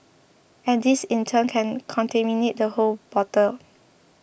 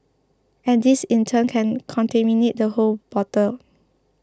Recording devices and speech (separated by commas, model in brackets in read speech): boundary microphone (BM630), close-talking microphone (WH20), read sentence